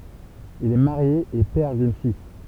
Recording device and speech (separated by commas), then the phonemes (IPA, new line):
temple vibration pickup, read sentence
il ɛ maʁje e pɛʁ dyn fij